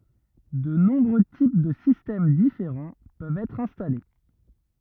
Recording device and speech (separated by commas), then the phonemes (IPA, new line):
rigid in-ear microphone, read sentence
də nɔ̃bʁø tip də sistɛm difeʁɑ̃ pøvt ɛtʁ ɛ̃stale